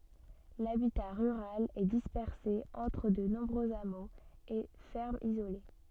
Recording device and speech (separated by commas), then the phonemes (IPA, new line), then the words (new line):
soft in-ear microphone, read sentence
labita ʁyʁal ɛ dispɛʁse ɑ̃tʁ də nɔ̃bʁøz amoz e fɛʁmz izole
L'habitat rural est dispersé entre de nombreux hameaux et fermes isolées.